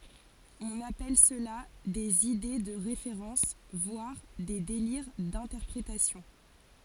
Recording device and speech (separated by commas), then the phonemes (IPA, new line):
forehead accelerometer, read sentence
ɔ̃n apɛl səla dez ide də ʁefeʁɑ̃s vwaʁ de deliʁ dɛ̃tɛʁpʁetasjɔ̃